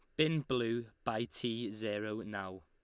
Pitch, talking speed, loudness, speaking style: 110 Hz, 150 wpm, -37 LUFS, Lombard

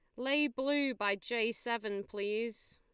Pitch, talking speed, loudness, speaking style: 235 Hz, 140 wpm, -34 LUFS, Lombard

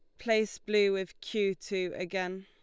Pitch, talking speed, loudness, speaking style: 195 Hz, 160 wpm, -31 LUFS, Lombard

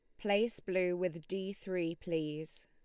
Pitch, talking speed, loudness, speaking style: 185 Hz, 145 wpm, -36 LUFS, Lombard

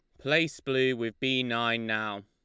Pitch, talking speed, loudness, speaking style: 120 Hz, 175 wpm, -28 LUFS, Lombard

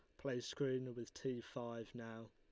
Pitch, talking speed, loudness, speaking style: 120 Hz, 170 wpm, -46 LUFS, Lombard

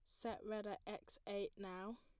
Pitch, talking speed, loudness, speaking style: 205 Hz, 200 wpm, -49 LUFS, plain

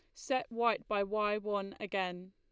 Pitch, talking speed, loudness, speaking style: 210 Hz, 170 wpm, -35 LUFS, Lombard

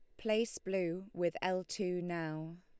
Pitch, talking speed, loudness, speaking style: 180 Hz, 150 wpm, -37 LUFS, Lombard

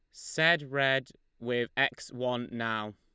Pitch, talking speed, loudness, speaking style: 125 Hz, 130 wpm, -30 LUFS, Lombard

